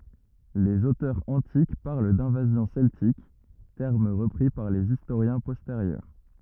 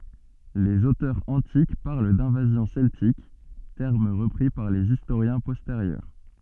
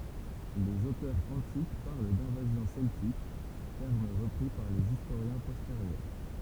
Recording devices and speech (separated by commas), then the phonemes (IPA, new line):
rigid in-ear microphone, soft in-ear microphone, temple vibration pickup, read sentence
lez otœʁz ɑ̃tik paʁl dɛ̃vazjɔ̃ sɛltik tɛʁm ʁəpʁi paʁ lez istoʁjɛ̃ pɔsteʁjœʁ